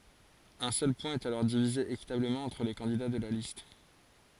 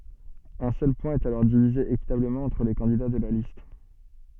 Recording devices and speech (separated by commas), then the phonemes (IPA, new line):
forehead accelerometer, soft in-ear microphone, read sentence
œ̃ sœl pwɛ̃ ɛt alɔʁ divize ekitabləmɑ̃ ɑ̃tʁ le kɑ̃dida də la list